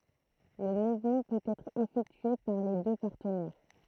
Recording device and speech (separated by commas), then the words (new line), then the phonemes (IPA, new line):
throat microphone, read sentence
Le mouvement peut être effectué par les deux partenaires.
lə muvmɑ̃ pøt ɛtʁ efɛktye paʁ le dø paʁtənɛʁ